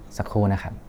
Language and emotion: Thai, neutral